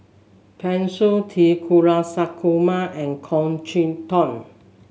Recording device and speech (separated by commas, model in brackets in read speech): mobile phone (Samsung S8), read sentence